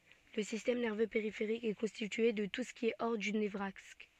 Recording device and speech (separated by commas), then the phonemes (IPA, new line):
soft in-ear microphone, read sentence
lə sistɛm nɛʁvø peʁifeʁik ɛ kɔ̃stitye də tu sə ki ɛ ɔʁ dy nəvʁaks